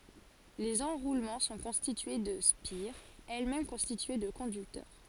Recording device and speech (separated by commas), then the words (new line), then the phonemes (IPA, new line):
forehead accelerometer, read sentence
Les enroulements sont constitués de spires, elles-mêmes constituées de conducteurs.
lez ɑ̃ʁulmɑ̃ sɔ̃ kɔ̃stitye də spiʁz ɛlɛsmɛm kɔ̃stitye də kɔ̃dyktœʁ